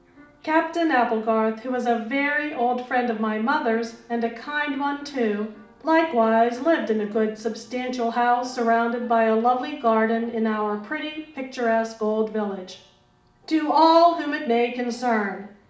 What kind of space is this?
A medium-sized room (about 5.7 m by 4.0 m).